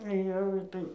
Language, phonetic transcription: Lithuanian, ˈjau ˈitai

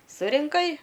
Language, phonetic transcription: Lithuanian, surinˈkai

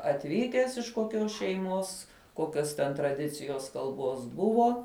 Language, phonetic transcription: Lithuanian, atˈvykęs iš koˈkios šeiˈmos ˈkokios ten traˈdicijos kalˈbos ˈbuvo

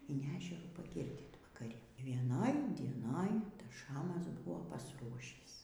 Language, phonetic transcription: Lithuanian, in ˈežerų paˈgirdyt vakaˈri vieˈnoj dieˈnoj ˈtas ˈšamas ˈbuvo pasˈruošįs

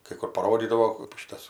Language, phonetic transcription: Lithuanian, kai ˈkur paˈrodydavo ˈšitas

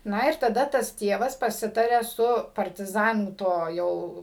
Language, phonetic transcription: Lithuanian, ˈna ir taˈda ˈtas ˈtievas paˈsitaria su partiˈzanų ˈto ˈjau

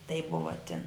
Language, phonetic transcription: Lithuanian, taip ˈbuva tin

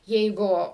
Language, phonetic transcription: Lithuanian, ˈjeigu

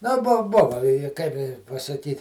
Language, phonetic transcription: Lithuanian, nu ˈbu ˈbuva i i kaip i pasaˈkyt'

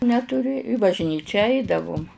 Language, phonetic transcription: Lithuanian, netuˈri i bažˈnyčia ˈaidavum

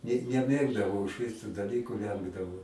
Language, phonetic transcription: Lithuanian, ne neˈmėgdavau išˈvis tų daˈlyku ˈvengdavau

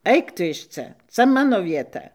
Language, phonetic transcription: Lithuanian, ˈaik tu iš ˈca ˈca ˈmano vieˈta

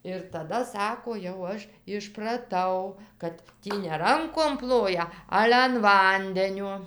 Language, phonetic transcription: Lithuanian, ir taˈda ˈsako jau ˈaš išpraˈtau kad ˈtį ne ˈrankom ˈploja ˈale an ˈvandeniuo

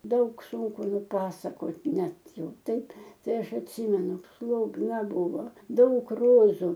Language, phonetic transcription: Lithuanian, ˈdaug ˈsūnku nuˈpasakot ˈnet ˈjau ˈtaip ˈtai ˈaš atˈsymenu slobˈna ˈbūvo ˈdaug ˈrozu

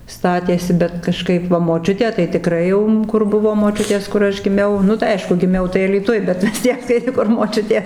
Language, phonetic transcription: Lithuanian, ˈstatėsi bet kaˈžkaip va moˈčiutė tai tiˈkrai jau ˈkur ˈbuvo moˈčiutės kur ˈaš giˈmiau ˈnu tai ˈaišku giˈmiau tai alyˈtuj bet vis ˈtiek tai ˈkur moˈčiutės

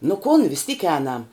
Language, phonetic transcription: Lithuanian, nu kun vis tyk ˈēnam

